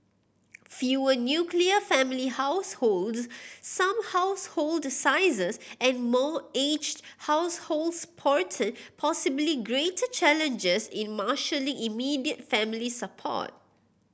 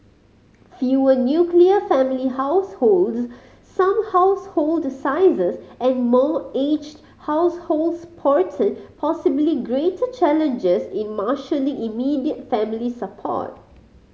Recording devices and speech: boundary microphone (BM630), mobile phone (Samsung C5010), read sentence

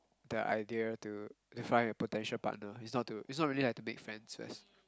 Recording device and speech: close-talking microphone, conversation in the same room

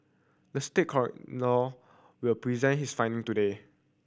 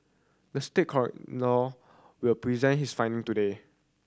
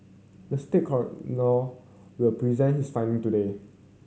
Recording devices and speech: boundary microphone (BM630), standing microphone (AKG C214), mobile phone (Samsung C7100), read sentence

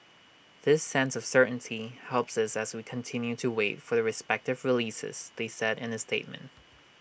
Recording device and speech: boundary microphone (BM630), read sentence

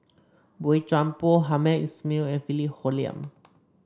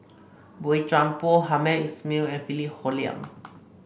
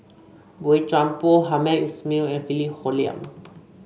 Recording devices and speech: standing microphone (AKG C214), boundary microphone (BM630), mobile phone (Samsung C5), read sentence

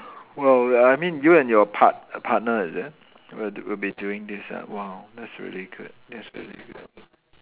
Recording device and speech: telephone, conversation in separate rooms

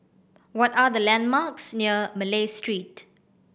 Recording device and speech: boundary microphone (BM630), read sentence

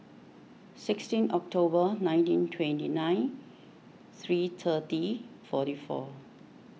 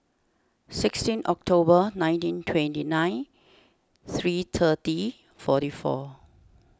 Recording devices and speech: mobile phone (iPhone 6), standing microphone (AKG C214), read sentence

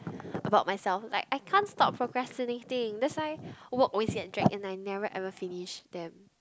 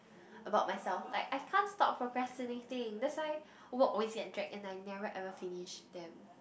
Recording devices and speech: close-talking microphone, boundary microphone, conversation in the same room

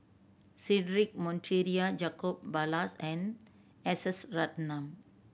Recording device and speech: boundary microphone (BM630), read sentence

